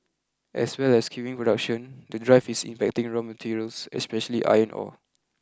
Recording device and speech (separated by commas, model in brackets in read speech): close-talking microphone (WH20), read sentence